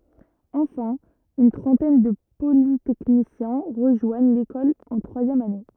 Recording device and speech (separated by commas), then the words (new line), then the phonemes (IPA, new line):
rigid in-ear microphone, read sentence
Enfin, une trentaine de polytechniciens rejoignent l'école en troisième année.
ɑ̃fɛ̃ yn tʁɑ̃tɛn də politɛknisjɛ̃ ʁəʒwaɲ lekɔl ɑ̃ tʁwazjɛm ane